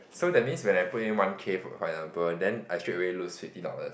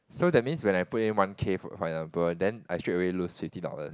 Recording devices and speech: boundary microphone, close-talking microphone, conversation in the same room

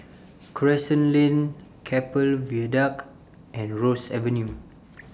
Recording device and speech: standing microphone (AKG C214), read sentence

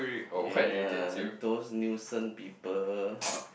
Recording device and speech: boundary microphone, conversation in the same room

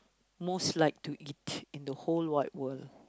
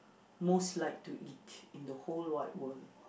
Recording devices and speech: close-talking microphone, boundary microphone, conversation in the same room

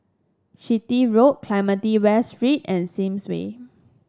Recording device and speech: standing microphone (AKG C214), read sentence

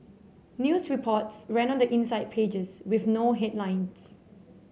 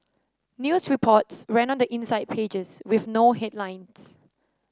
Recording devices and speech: mobile phone (Samsung C7), standing microphone (AKG C214), read sentence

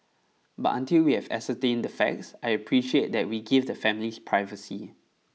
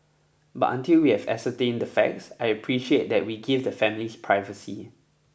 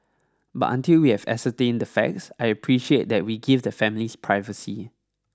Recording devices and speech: mobile phone (iPhone 6), boundary microphone (BM630), standing microphone (AKG C214), read sentence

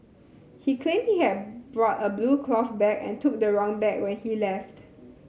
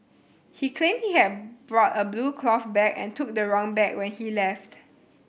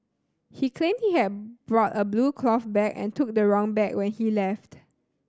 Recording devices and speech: mobile phone (Samsung C7100), boundary microphone (BM630), standing microphone (AKG C214), read sentence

